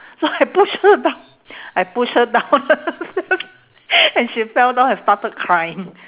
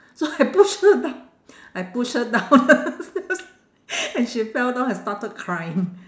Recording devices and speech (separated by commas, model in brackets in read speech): telephone, standing microphone, conversation in separate rooms